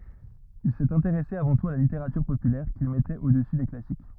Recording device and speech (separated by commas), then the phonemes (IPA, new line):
rigid in-ear microphone, read sentence
il sɛt ɛ̃teʁɛse avɑ̃ tut a la liteʁatyʁ popylɛʁ kil mɛtɛt odəsy de klasik